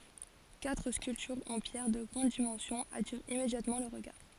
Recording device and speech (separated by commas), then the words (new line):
forehead accelerometer, read sentence
Quatre sculptures en pierre de grandes dimensions attirent immédiatement le regard.